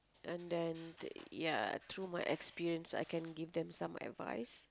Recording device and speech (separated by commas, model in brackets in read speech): close-talking microphone, conversation in the same room